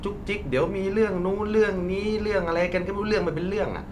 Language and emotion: Thai, frustrated